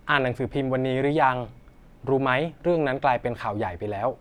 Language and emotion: Thai, neutral